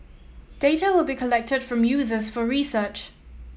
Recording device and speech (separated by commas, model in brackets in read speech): mobile phone (iPhone 7), read sentence